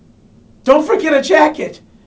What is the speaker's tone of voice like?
fearful